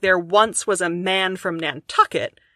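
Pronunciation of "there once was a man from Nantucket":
The line has three stressed syllables: 'once', 'man' and 'tuck' in 'Nantucket'. It has nine syllables in all.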